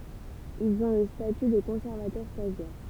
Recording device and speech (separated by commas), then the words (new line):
temple vibration pickup, read sentence
Ils ont le statut de conservateur stagiaire.